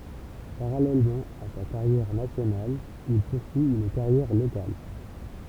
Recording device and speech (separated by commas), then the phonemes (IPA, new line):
temple vibration pickup, read sentence
paʁalɛlmɑ̃ a sa kaʁjɛʁ nasjonal il puʁsyi yn kaʁjɛʁ lokal